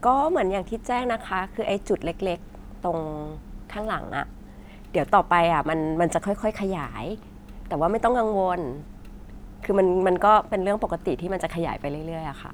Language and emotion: Thai, neutral